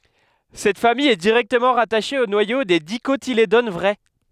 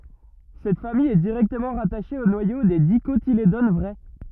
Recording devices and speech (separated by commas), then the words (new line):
headset microphone, rigid in-ear microphone, read sentence
Cette famille est directement rattachée au noyau des Dicotylédones vraies.